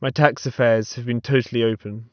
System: none